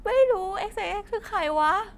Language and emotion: Thai, frustrated